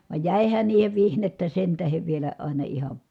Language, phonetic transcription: Finnish, vài̮j jä̀ihän niihev vihnettä sen tähev vielä ài̮na iha ,.
- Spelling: vaan jäihän niihin vihnettä sen tähden vielä aina ihan

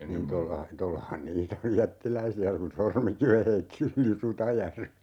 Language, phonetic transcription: Finnish, niin 'tolla , 'tollahan "niitä oj 'jättiläisi₍ä kun 'Sormikive 'heitti yli "Rutajärve .
- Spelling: niin tuolla tuollahan niitä on jättiläisiä kun Sormikiven heitti yli Rutajärven

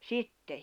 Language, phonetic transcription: Finnish, sitte .
- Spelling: sitten

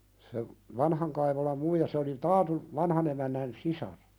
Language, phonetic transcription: Finnish, se , "vanhaŋ Kaivolam 'muija se oli "Taatuv , "vanhan ‿emännän 'sisar .
- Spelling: se vanhan Kaivolan muija se oli Taatun vanhan emännän sisar

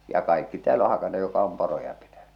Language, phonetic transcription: Finnish, ja 'kaikki tääl ‿o 'hakanne jok̀a om 'poroja pitäɴʏ .
- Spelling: ja kaikki täällä on hakannut joka on poroja pitänyt

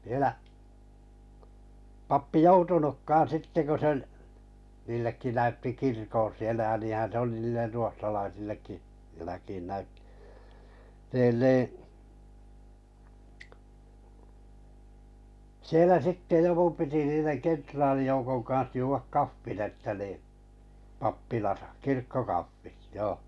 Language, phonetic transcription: Finnish, viᵉlä , 'pappi "joutunukkaan 'sitte ku se ‿ᵒl , niillekki 'näytti "kirkon̬ sielä ja 'niihän̬ se oli niiller 'ruohtalaisillekki , jäläkiin näyt[ti] , 'niin nii , 'sielä 'sitte 'joku piti niineŋ 'kentraalijoukoŋ kans 'juuvak "kaffin ‿että nì , 'pappilasa , "kirkkokaffit joo .
- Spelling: vielä pappi joutunutkaan sitten kun se oli niillekin näytti kirkon siellä ja niinhän se oli niille ruotsalaisillekin jälkiin näytti niin niin siellä sitten joku piti niiden kenraalijoukon kanssa juoda kahvin että niin pappilassa kirkkokahvit joo

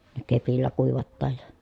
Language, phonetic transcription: Finnish, ne kepillä kuivattaaj ja ,.
- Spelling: ne kepillä kuivataan ja

